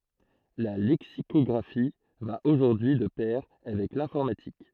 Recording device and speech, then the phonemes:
throat microphone, read sentence
la lɛksikɔɡʁafi va oʒuʁdyi y də pɛʁ avɛk lɛ̃fɔʁmatik

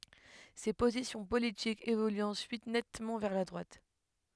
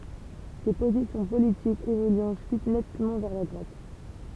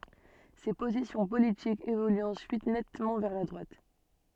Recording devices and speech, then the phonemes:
headset microphone, temple vibration pickup, soft in-ear microphone, read sentence
se pozisjɔ̃ politikz evolyt ɑ̃syit nɛtmɑ̃ vɛʁ la dʁwat

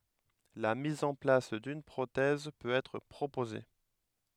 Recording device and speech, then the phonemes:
headset microphone, read sentence
la miz ɑ̃ plas dyn pʁotɛz pøt ɛtʁ pʁopoze

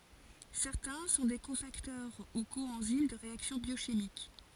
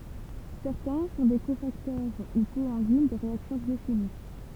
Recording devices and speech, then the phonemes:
forehead accelerometer, temple vibration pickup, read sentence
sɛʁtɛ̃ sɔ̃ de kofaktœʁ u koɑ̃zim də ʁeaksjɔ̃ bjoʃimik

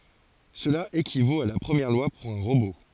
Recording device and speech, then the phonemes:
forehead accelerometer, read sentence
səla ekivot a la pʁəmjɛʁ lwa puʁ œ̃ ʁobo

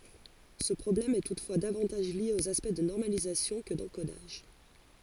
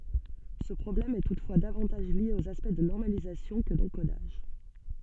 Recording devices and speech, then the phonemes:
forehead accelerometer, soft in-ear microphone, read sentence
sə pʁɔblɛm ɛ tutfwa davɑ̃taʒ lje oz aspɛkt də nɔʁmalizasjɔ̃ kə dɑ̃kodaʒ

